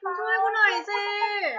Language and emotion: Thai, frustrated